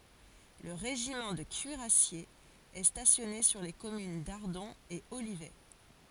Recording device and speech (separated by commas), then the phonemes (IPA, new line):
forehead accelerometer, read sentence
lə ʁeʒimɑ̃ də kyiʁasjez ɛ stasjɔne syʁ le kɔmyn daʁdɔ̃ e olivɛ